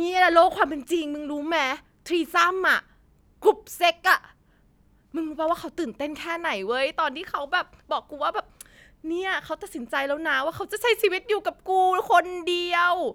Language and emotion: Thai, happy